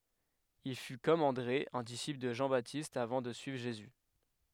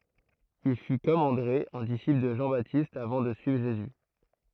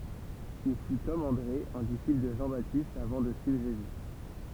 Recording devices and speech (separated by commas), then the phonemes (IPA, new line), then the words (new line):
headset microphone, throat microphone, temple vibration pickup, read sentence
il fy kɔm ɑ̃dʁe œ̃ disipl də ʒɑ̃batist avɑ̃ də syivʁ ʒezy
Il fut, comme André, un disciple de Jean-Baptiste avant de suivre Jésus.